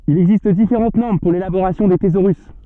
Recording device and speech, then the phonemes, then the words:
soft in-ear microphone, read sentence
il ɛɡzist difeʁɑ̃t nɔʁm puʁ lelaboʁasjɔ̃ de tezoʁys
Il existe différentes normes pour l'élaboration des thésaurus.

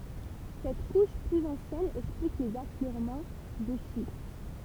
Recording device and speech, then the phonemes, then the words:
temple vibration pickup, read sentence
sɛt kuʃ plyz ɑ̃sjɛn ɛksplik lez afløʁmɑ̃ də ʃist
Cette couche plus ancienne explique les affleurements de schiste.

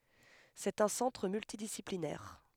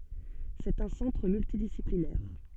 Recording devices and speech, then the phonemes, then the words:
headset microphone, soft in-ear microphone, read sentence
sɛt œ̃ sɑ̃tʁ myltidisiplinɛʁ
C'est un centre multidisciplinaire.

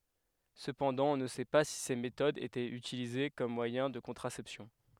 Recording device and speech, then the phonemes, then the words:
headset microphone, read sentence
səpɑ̃dɑ̃ ɔ̃ nə sɛ pa si se metodz etɛt ytilize kɔm mwajɛ̃ də kɔ̃tʁasɛpsjɔ̃
Cependant on ne sait pas si ces méthodes étaient utilisées comme moyen de contraception.

